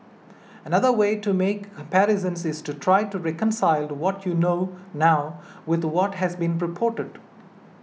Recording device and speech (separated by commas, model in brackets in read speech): mobile phone (iPhone 6), read sentence